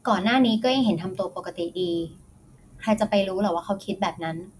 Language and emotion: Thai, neutral